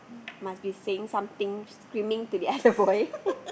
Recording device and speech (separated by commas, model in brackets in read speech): boundary microphone, conversation in the same room